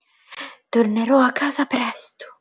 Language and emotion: Italian, fearful